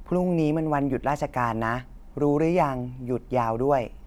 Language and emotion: Thai, neutral